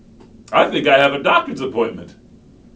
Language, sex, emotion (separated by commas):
English, male, happy